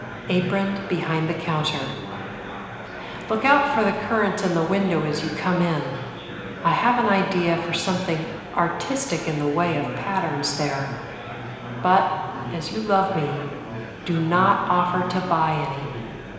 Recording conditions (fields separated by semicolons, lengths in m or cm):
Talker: one person; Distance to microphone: 1.7 m; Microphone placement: close; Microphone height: 1.0 m; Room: very reverberant, large; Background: babble